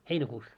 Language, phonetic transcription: Finnish, heinäkuus .
- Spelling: heinäkuussa

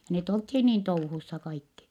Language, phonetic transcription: Finnish, ja net olthii niin touhussa kaikki .
- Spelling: ja ne oltiin niin touhussa kaikki

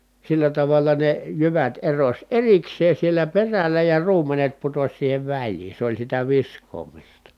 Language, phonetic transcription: Finnish, sillä tavalla ne jyvät eroś erikseen̬ sielä peräl̀ä ja ruum̀enet putoś siihev väĺliin̬ se oĺ sitä visk̀oomista .
- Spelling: sillä tavalla ne jyvät erosi erikseen siellä perällä ja ruumenet putosi siihen väliin se oli sitä viskaamista

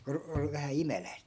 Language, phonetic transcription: Finnish, ku o- ol vähä "imeläi̮sᵗ .
- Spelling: kun - oli vähän imeläisiä

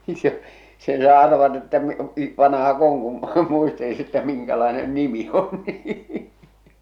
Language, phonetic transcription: Finnish, se , sen saa arvata että m- , i- , 'vanaha'k ‿oŋ kun , 'muistelis että 'miŋkälaenen "nimi on nii .
- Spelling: se sen saa arvata että - - vanhako on kun muisteli että minkälainen nimi on niin

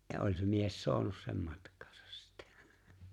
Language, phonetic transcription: Finnish, ja 'oĺ̀ se 'mies "so̭anus sem 'matk̀̀aasas sɪttᴀ̈ .
- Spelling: ja oli se mies saanut sen matkaansa sitten

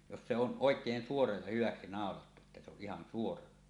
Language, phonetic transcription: Finnish, jos se on "ˀoek̀een 'suora ja hyvaksi nàolattu että se ‿oˀ 'ˀihan 'suora .
- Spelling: jos se on oikein suora ja hyväksi naulattu että se on ihan suora

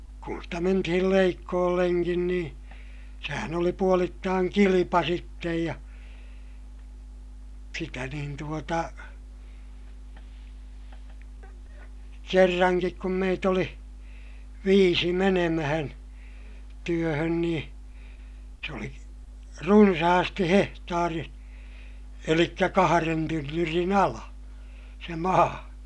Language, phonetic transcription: Finnish, kun stä mentihil leikkoolleŋkin niḭ , sehän oli puolittaaŋ kilipa sittej ja , sitä nin tuota , kerraŋkik kum meit ‿oli , viisi menemähän , työhön nii , se oli , runsahasti hehtaari , elikkä kaharen tynnyrin ‿ala , se maa .
- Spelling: kun sitä mentiin leikkuullekin niin sehän oli puolittain kilpa sitten ja sitä niin tuota kerrankin kun meitä oli viisi menemään työhön niin se oli runsaasti hehtaari eli kahden tynnyrin ala se maa

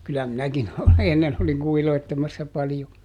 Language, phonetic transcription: Finnish, ˈkyllä ˈminäkin ˈennen ‿oliŋ ˈkuhiloittemassa paljo .
- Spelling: kyllä minäkin ennen olin kuhiloitsemassa paljon

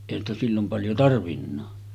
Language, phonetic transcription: Finnish, èihän ‿stä 'sillom paljo 'tarvinnaa .
- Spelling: eihän sitä silloin paljon tarvinnutkaan

